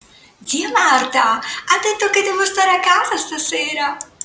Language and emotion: Italian, happy